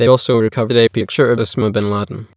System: TTS, waveform concatenation